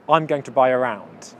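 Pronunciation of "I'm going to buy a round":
In 'buy a round' the words run together quickly, and a y sound links 'buy' to 'a'. The y sound is not emphasized.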